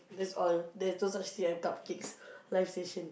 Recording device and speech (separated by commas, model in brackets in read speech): boundary microphone, conversation in the same room